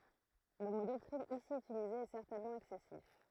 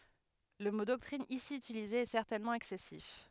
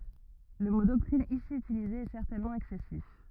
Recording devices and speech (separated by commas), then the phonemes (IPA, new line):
throat microphone, headset microphone, rigid in-ear microphone, read sentence
lə mo dɔktʁin isi ytilize ɛ sɛʁtɛnmɑ̃ ɛksɛsif